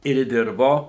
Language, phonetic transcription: Lithuanian, ir ˈdirbo

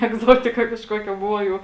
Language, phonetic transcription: Lithuanian, egˈzotika kažˈkokia ˈbuvo jau

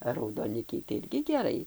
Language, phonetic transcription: Lithuanian, a raudoˈnikiai tai ˈirgi geˈrai

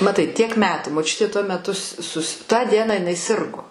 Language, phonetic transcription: Lithuanian, maˈtai tiek ˈmetų moˈčiutė tuo meˈtu s sus tą ˈdieną iˈnai ˈsirgo

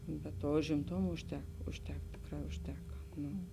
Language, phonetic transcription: Lithuanian, bet ˈtuo užimˈtoma užˈtek užˈtek ˈtėkˌrā užˈteka ˈnū

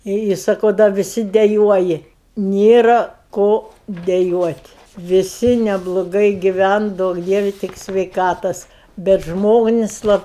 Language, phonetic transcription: Lithuanian, i i saˈkau da viˈsi deˈjuoji ˈnėra ˈko deˈjuot' viˈsi nebloˈgai giˈven ˈduok ˈdievi ˈtik sveiˈkatos bet ˈžmonis' ˈlab

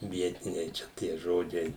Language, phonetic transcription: Lithuanian, ˈvietiniai ˈčia tie ˈžodžiai

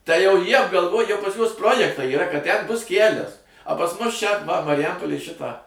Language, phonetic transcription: Lithuanian, tai jau ˈjie apgalˈvoj jau pasˈ juos ˈprojektai yˈra kad ten ˈbus ˈkælias a pas ˈmus ˈčia va mariˈjampolėj ˈšitą

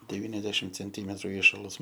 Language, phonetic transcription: Lithuanian, deˈvyniasdešim cenˈtymetru ˈįšalas

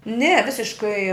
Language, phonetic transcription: Lithuanian, ne ˈvisiškai

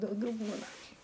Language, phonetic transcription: Lithuanian, dauˈgiau ˈbūna

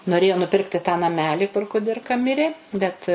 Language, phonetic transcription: Lithuanian, noˈrėjo nuˈpirkti tą naˈmelį kur kuˈdirka ˈmirė bet

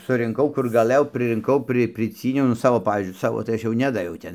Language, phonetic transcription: Lithuanian, surinˈkau ˈkur gaˈlɘjau prɨrinˈkau ˈprɨ priˈcyniau nu ˈsavo ˈpavyzdžiui ˈsavo tai ˈaš ˈnedaviau ˈten

